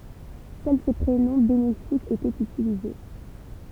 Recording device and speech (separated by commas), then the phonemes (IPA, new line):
temple vibration pickup, read sentence
sœl se pʁenɔ̃ benefikz etɛt ytilize